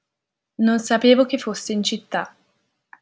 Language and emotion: Italian, neutral